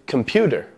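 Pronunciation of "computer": In 'computer', the t is said as a d sound.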